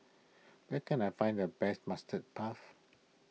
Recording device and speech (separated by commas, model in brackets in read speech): mobile phone (iPhone 6), read sentence